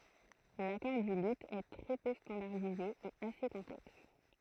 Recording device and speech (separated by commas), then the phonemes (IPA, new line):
throat microphone, read sentence
lakɔʁ dy ly ɛ tʁɛ pø stɑ̃daʁdize e ase kɔ̃plɛks